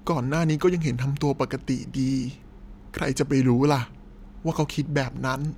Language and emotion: Thai, sad